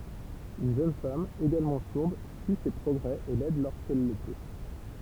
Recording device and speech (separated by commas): temple vibration pickup, read sentence